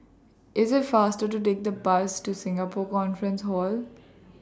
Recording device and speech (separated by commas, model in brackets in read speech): standing microphone (AKG C214), read sentence